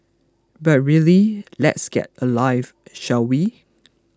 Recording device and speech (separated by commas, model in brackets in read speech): close-talking microphone (WH20), read sentence